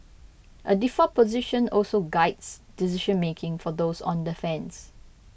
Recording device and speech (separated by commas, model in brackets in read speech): boundary microphone (BM630), read sentence